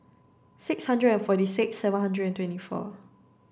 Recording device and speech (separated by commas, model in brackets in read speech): standing microphone (AKG C214), read sentence